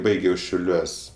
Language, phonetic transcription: Lithuanian, ˈbaigiau šiauˈliuos'

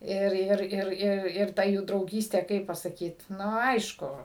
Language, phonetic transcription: Lithuanian, ˈir ˈir ˈir ˈir ir ˈta jų drauˈgystė ˈkaip pasaˈkyt ˈnu ˈaišku

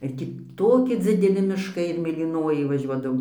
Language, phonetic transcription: Lithuanian, ir ˈtį ˈtoki dzideˈli mišˈkai ir mėlyˈnojai vaˈžiuodavom

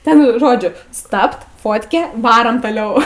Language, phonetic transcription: Lithuanian, ˈten ˈžodžiu ˈstabt ˈfotkė ˈvarom toˈliau

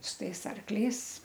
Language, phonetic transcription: Lithuanian, su ˈtais ˈarkliais

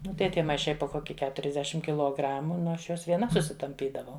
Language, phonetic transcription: Lithuanian, ˈnu tai ˈtie maiˈšai po ˈkoki keturiasˈdešim kiloˈgramu ˈnu ˈaš ˈjuos vieˈna susitamˈpydavau

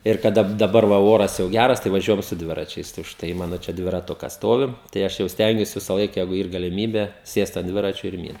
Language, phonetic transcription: Lithuanian, ir kaˈda daˈbar va ˈoras jau ˈgæras tai vaˈžiuojam su ˈdviračiais tai užˈtai ˈmano čia dviraˈtukas ˈstovi tai ˈaš jau ˈstengiuos visaˈlaik jeigu yr galimybe ˈsėst ant ˈdviračio ir ˈmynt

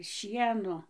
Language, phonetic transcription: Lithuanian, ˈšieno

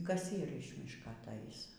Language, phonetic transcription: Lithuanian, ˈkas ˈyr iš ˈmiška atˈais

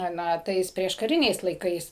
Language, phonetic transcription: Lithuanian, ˈna ˈtais prieškaˈriniais laiˈkais

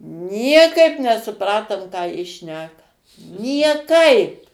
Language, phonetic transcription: Lithuanian, ˈniekaip nesuˈpratom ˈką ˈji ˈšneka nieˈkaip

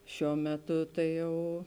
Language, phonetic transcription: Lithuanian, ˈšiuo ˈmeˌtu ˈtai ˈjau

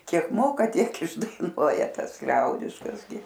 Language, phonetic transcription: Lithuanian, ˈkiek ˈmoka ˈtiek išdaiˈnuoja ˈtas ˈliaudiškas gi

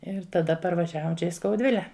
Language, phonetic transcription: Lithuanian, ir taˈda parvaˈžiavom ˈčia i skauˈdvile

